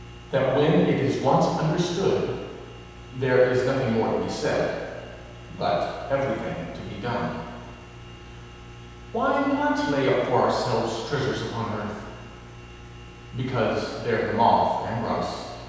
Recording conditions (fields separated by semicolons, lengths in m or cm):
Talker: one person; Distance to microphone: 7.1 m; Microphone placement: far; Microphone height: 1.7 m; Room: very reverberant, large; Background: none